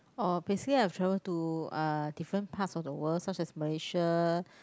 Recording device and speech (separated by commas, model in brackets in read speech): close-talking microphone, conversation in the same room